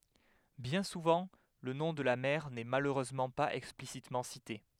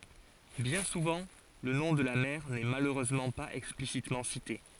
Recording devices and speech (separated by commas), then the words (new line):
headset microphone, forehead accelerometer, read sentence
Bien souvent le nom de la mère n'est malheureusement pas explicitement cité.